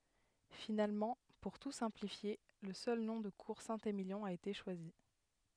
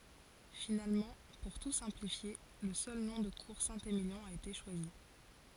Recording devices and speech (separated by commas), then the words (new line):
headset microphone, forehead accelerometer, read sentence
Finalement, pour tout simplifier, le seul nom de Cour Saint-Émilion a été choisi.